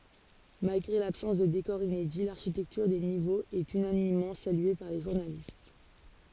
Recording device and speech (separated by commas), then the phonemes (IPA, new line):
forehead accelerometer, read sentence
malɡʁe labsɑ̃s də dekɔʁz inedi laʁʃitɛktyʁ de nivoz ɛt ynanimmɑ̃ salye paʁ le ʒuʁnalist